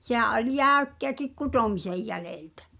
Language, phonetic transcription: Finnish, 'sehä̀’ ’oĺ "jä̀ykkeäkik 'kutomisej 'jälèltᴀ̈ .
- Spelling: sehän oli jäykkääkin kutomisen jäljeltä

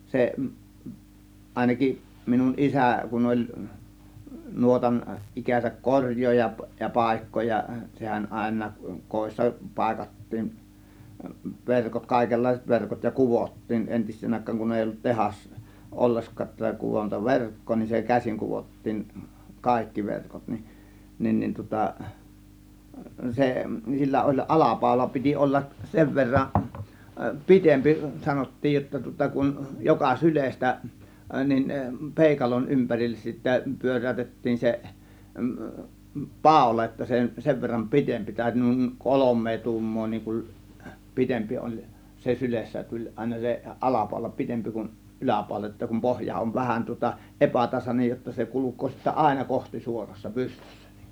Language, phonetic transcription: Finnish, 'se , 'àėnakiˀ , minun "isä̀ , kun oĺ , 'nuotan , 'ˀikäsäk "koŕj̆jooja ja "pàėkkooja , 'sehän 'ˀàėǹaak , 'kòėssa 'pàėkattiin , 'verkot , 'kàėkellaiset 'verkot ja "kuvottiin 'ˀentis̆seen 'àėkkaaŋ kun èi ollut "tehas- , 'olleskaa , 'kuvonta "verk̀koo nin se "käsiŋ 'kuvottiiŋ "kàėkki 'verkot nin , 'nin ni tŭŏta , 'se , sillä oĺ "ˀalapàȯla piti 'ˀollak , 'sev verra , "pitempi 'sanot̀tiij jotta tŭŏta kun , 'joka "sylestä , 'nin , "pèikalon 'ympärilles sittä 'pyör̆ä̀ytettiin se , "pàȯla jotta se 'sev verram "pitempi 'tä̀ö̇ty , nùiŋ "kolom̆mee 'tuummoo niiŋ kum 'pitempi oĺ , se 'sylessä , tuĺ àėna se 'ˀalapàȯla 'pitempi kun , 'ˀyläpàȯla jotta kum 'pohja ov vähän tŭŏta , "ˀepätasanej jotta se 'kuluk̆koo sittä "ˀàėna "kohtisuorassa "pystYssÄ NlИ(kUN) .
- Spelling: se ainakin minun isä kun oli nuotan ikänsä korjaaja ja paikkaaja sehän aina kodissa paikattiin verkot kaikenlaiset verkot ja kudottiin entiseen aikaan kun ei ollut - ollenkaan - kudontaverkkoa niin se käsin kudottiin kaikki verkot niin niin niin tuota se sillä oli alapaula piti olla sen verran pitempi sanottiin jotta tuota kun joka sylestä niin peukalon ympärille sitten pyöräytettiin se paula jotta se sen verran pitempi täytyi noin kolme tuumaa niin kun pitempi oli se sylessä tuli aina se alapaula pitempi kuin yläpaula jotta kun pohja on vähän tuota epätasainen jotta se kulkee sitten aina kohtisuorassa pystyssä niin kuin

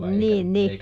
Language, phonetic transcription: Finnish, ˈniin ˈni ,.
- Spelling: niin niin

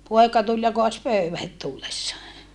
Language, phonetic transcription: Finnish, poeka tul ja koas pöyvä het tullessaa .
- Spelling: poika tuli ja kaatoi pöydän heti tullessaan

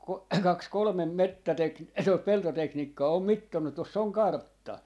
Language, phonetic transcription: Finnish, ko - 'kaks "kolᵒmem 'mettätek- , tot 'peltoteknikkaa 'om "mittonnu tos's ‿oŋ "kartta .
- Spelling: kun kaksi kolme - tuota peltoteknikkoa on mitannut tuossa on kartta

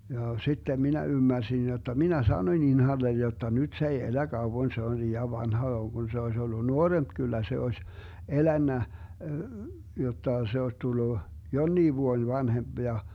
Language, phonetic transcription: Finnish, ja 'sittem 'minä 'ymmärsin jotta "minä 'sanoⁱn 'Inhallen jotta 'nyD s ‿ei 'elä 'Gauwon 'se on 'lii₍an 'vanha (vaan) Gun se ois ollu "nuoremp 'kyllä se 'oś , "elännä , 'jotta 'se oś 'tullu , "jonnii 'vuoⁱn 'vanhemB ja ,.
- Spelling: ja sitten minä ymmärsin jotta minä sanoin Inhalle jotta nyt se ei elä kauan se on liian vanha vaan kun se olisi ollut nuorempi kyllä se olisi elänyt jotta se olisi tullut jonkin vuoden vanhempi ja

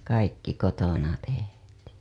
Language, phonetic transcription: Finnish, kaikki kotona tehtII .
- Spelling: kaikki kotona tehtiin

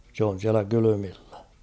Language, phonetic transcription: Finnish, se on̬ 'siälä 'kylymillä .
- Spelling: se on siellä kylmillä

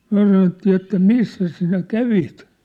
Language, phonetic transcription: Finnish, 'myä̭ sanottii että » "missäs sinä "kävit ? «
- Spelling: me sanottiin että missäs sinä kävit

